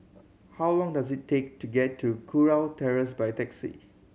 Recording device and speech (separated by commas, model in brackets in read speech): mobile phone (Samsung C7100), read sentence